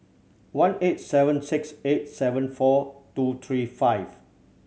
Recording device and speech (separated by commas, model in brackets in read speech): mobile phone (Samsung C7100), read sentence